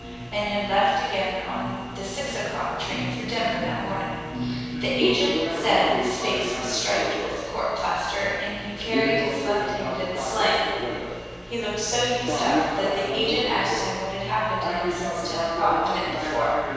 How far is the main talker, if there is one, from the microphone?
7.1 m.